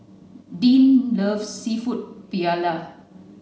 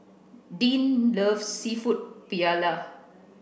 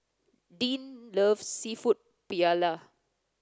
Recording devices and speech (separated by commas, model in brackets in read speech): mobile phone (Samsung C9), boundary microphone (BM630), close-talking microphone (WH30), read sentence